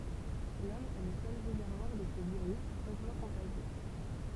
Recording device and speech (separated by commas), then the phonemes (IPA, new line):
temple vibration pickup, read sentence
lɔm ɛ lə sœl ʁezɛʁvwaʁ də sə viʁys otmɑ̃ kɔ̃taʒjø